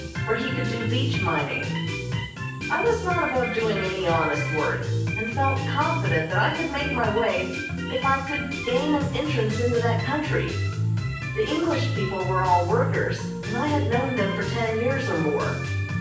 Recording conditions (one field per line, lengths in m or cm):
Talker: one person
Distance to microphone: 9.8 m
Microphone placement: far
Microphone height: 1.8 m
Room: large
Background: music